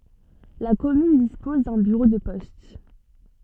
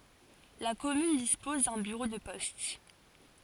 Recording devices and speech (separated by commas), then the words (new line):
soft in-ear microphone, forehead accelerometer, read sentence
La commune dispose d’un bureau de poste.